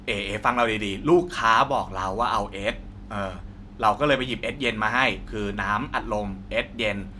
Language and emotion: Thai, frustrated